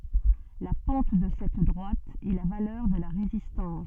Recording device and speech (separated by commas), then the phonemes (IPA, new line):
soft in-ear microphone, read sentence
la pɑ̃t də sɛt dʁwat ɛ la valœʁ də la ʁezistɑ̃s